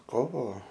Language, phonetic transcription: Lithuanian, ˈkovo

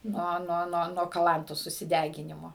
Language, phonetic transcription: Lithuanian, ˈnuo ˈnuo ˈnuo nuo kaˈlantos susiˈdeginimo

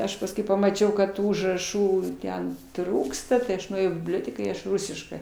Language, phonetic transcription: Lithuanian, ˈaš pasˈkui pamaˈčiau kad ˈtų užraˈšų ˈten ˈtrūksta tai ˈaš nuėˈjau į bibˈlioteką i ˈaš ˈrusiškɜ

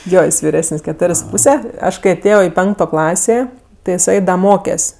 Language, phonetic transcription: Lithuanian, ˈjo ˈjis viˈresən's' keˈtorės' su ˈpūse ˈaš kai aˈtėjo i ˈpenkto ˈklasė ti jiˈsai ˈda ˈmokes'

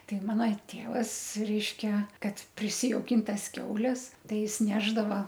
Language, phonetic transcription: Lithuanian, ˈtai ˈmana ˈtėvas ˈreiškia ˈkad prisijauˈkin ˈtas ˈkiaules ˈtai ˈjis ˈnešdava

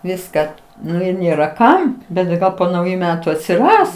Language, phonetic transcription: Lithuanian, ˈviską ˈnu ir ˈnėra ˈkam bet tai ˈgal po nauˈjų ˈmetu atsiˈras

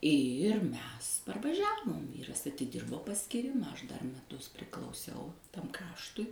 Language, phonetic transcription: Lithuanian, ir ˈmes parvaˈžiavom ˈvyras atiˈdirbo paskyˈrima ˈaš dar meˈtus priklauˈsiau ˈtam ˈkraštui

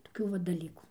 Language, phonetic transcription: Lithuanian, toˈkių va daˈlykų

